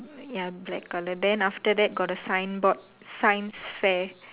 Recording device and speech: telephone, conversation in separate rooms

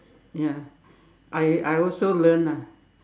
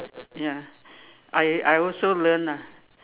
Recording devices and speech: standing microphone, telephone, conversation in separate rooms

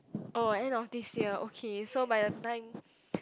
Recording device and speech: close-talking microphone, conversation in the same room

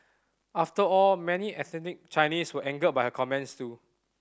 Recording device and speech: standing microphone (AKG C214), read sentence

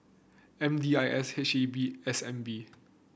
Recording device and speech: boundary microphone (BM630), read sentence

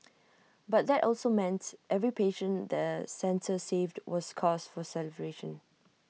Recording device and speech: mobile phone (iPhone 6), read sentence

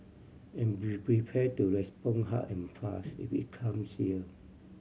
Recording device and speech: mobile phone (Samsung C7100), read sentence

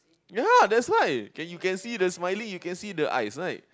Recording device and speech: close-talking microphone, conversation in the same room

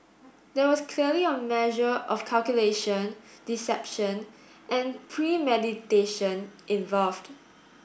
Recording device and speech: boundary microphone (BM630), read sentence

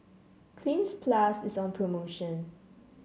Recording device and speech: mobile phone (Samsung C7), read sentence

